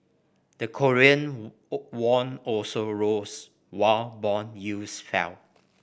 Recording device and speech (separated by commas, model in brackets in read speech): boundary microphone (BM630), read sentence